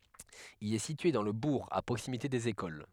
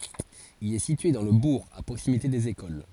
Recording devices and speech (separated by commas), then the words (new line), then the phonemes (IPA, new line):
headset microphone, forehead accelerometer, read sentence
Il est situé dans le bourg, à proximité des écoles.
il ɛ sitye dɑ̃ lə buʁ a pʁoksimite dez ekol